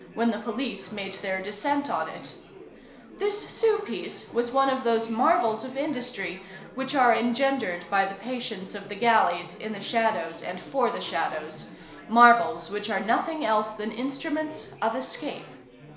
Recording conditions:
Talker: one person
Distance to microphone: 1.0 m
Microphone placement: close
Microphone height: 1.1 m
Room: small (3.7 m by 2.7 m)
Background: babble

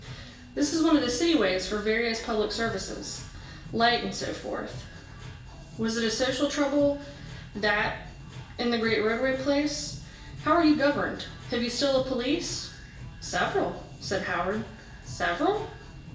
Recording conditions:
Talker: one person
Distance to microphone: 1.8 m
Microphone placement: close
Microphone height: 1.0 m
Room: large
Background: music

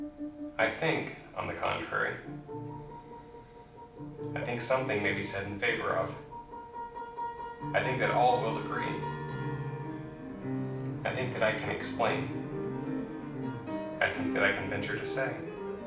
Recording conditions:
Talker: one person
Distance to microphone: 5.8 m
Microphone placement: far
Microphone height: 1.8 m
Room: medium-sized (5.7 m by 4.0 m)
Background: music

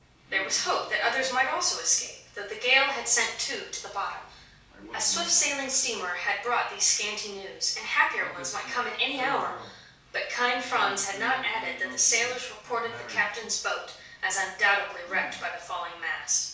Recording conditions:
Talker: one person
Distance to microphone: 3.0 m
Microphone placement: far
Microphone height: 1.8 m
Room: small (3.7 m by 2.7 m)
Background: television

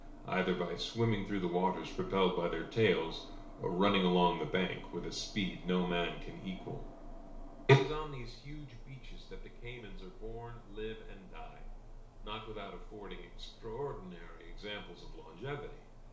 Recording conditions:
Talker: one person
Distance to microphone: 1.0 m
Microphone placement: close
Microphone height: 1.1 m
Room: small (3.7 m by 2.7 m)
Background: none

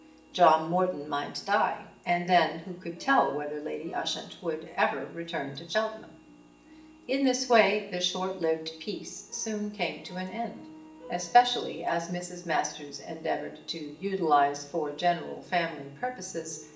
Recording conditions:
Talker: one person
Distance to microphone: 1.8 m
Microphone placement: close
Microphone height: 1.0 m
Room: large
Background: music

